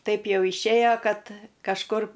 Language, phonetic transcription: Lithuanian, ˈtaip ˈjau išˈėjo ˈkad kažˈkur

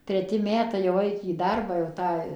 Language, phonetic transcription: Lithuanian, treˈti ˈmetai jau ˈaik į ˈdarbą jau ˈtą

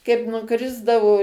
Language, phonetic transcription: Lithuanian, kaip nuˈkrisdavo

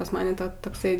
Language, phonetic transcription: Lithuanian, pas ˈmane ˈta takˈsai

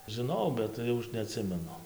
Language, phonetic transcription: Lithuanian, žiˈnau bet ˈjau ˈaš neaˈtsimenu

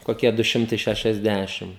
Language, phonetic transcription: Lithuanian, koˈkie du ˈšimtai šešiasˈdæšim

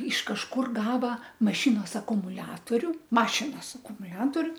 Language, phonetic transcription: Lithuanian, iš kažˈkur ˈgava maˈšinos akumuˈliatoriu ˈmašinos akumuˈliatoriu

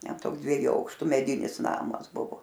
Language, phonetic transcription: Lithuanian, ˈten ˈtoks dvieˈjų ˈaukštu meˈdinis ˈnamas ˈbuvo

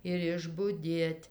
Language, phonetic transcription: Lithuanian, ir išbuˈdėt'

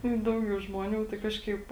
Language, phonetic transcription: Lithuanian, i ˈdaugiau žmoˈnių tai ˈkažkaip

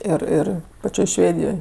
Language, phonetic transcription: Lithuanian, ˈir ˈir paˈčioj ˈšvėdijoj

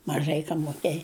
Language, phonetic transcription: Lithuanian, maˈžai ˈkam moˈkėj

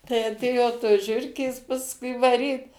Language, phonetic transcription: Lithuanian, tai aˈtėjo tos ˈžiurkės pasˈkui vaˈryt

